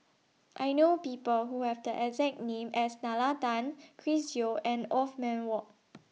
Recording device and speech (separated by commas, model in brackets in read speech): mobile phone (iPhone 6), read sentence